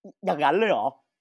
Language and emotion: Thai, happy